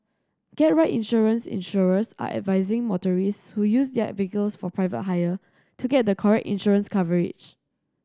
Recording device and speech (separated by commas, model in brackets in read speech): standing microphone (AKG C214), read sentence